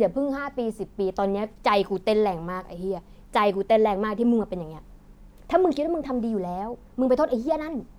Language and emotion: Thai, frustrated